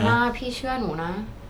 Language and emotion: Thai, sad